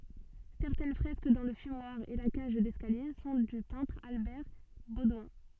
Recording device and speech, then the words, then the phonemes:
soft in-ear microphone, read sentence
Certaines fresques dans le fumoir et la cage d’escalier sont du peintre Albert Baudouin.
sɛʁtɛn fʁɛsk dɑ̃ lə fymwaʁ e la kaʒ dɛskalje sɔ̃ dy pɛ̃tʁ albɛʁ bodwɛ̃

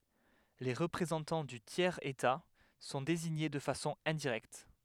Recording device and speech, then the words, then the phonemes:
headset microphone, read sentence
Les représentants du tiers état sont désignés de façon indirecte.
le ʁəpʁezɑ̃tɑ̃ dy tjɛʁz eta sɔ̃ deziɲe də fasɔ̃ ɛ̃diʁɛkt

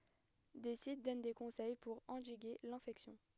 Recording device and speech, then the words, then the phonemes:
headset microphone, read sentence
Des sites donnent des conseils pour endiguer l'infection.
de sit dɔn de kɔ̃sɛj puʁ ɑ̃diɡe lɛ̃fɛksjɔ̃

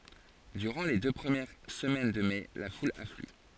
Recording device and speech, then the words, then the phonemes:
forehead accelerometer, read sentence
Durant les deux premières semaines de mai, la foule afflue.
dyʁɑ̃ le dø pʁəmjɛʁ səmɛn də mɛ la ful afly

